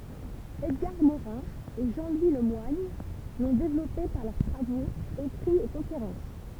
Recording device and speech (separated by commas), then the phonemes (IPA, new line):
temple vibration pickup, read sentence
ɛdɡaʁ moʁɛ̃ e ʒɑ̃ lwi lə mwaɲ lɔ̃ devlɔpe paʁ lœʁ tʁavoz ekʁiz e kɔ̃feʁɑ̃s